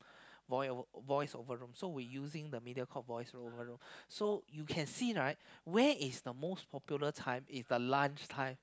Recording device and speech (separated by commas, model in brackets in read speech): close-talking microphone, conversation in the same room